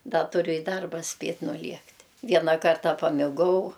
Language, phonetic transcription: Lithuanian, ˈda tuˈriu i ˈdarba ˈspėt' nuˈliekt' ˈviena ˈkarta pamiˈgau

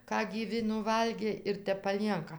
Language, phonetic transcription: Lithuanian, ˈką gyˈvi nuˈvalgė ir ˈtep paˈlienka

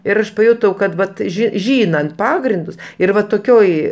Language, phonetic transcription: Lithuanian, ir ˈaš paˈjutau kad ˈvat ˈžy ˈžynant ˈpagrindus ir ˈva toˈkioj

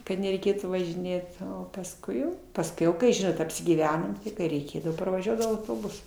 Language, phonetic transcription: Lithuanian, kad nereiˈkėtų važiˈnėt o pasˈkui jau pasˈkiau ˈkai ˈžinot apsigyˈvenom ti kai reiˈkėdavo parvaˈžiuodavau autoˈbusu

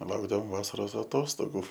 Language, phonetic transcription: Lithuanian, ˈlaukdavom ˈvasaros aˈtostogų

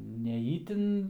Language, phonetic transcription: Lithuanian, ne ˈytin

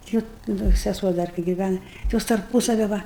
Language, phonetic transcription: Lithuanian, ˈti ot ˈda seˈsuo ˈdar kai giˈvæna ti ˈjos tarˈpusavi ˈva

